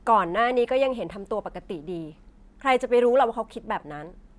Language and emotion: Thai, frustrated